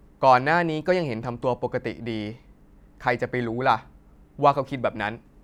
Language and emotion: Thai, frustrated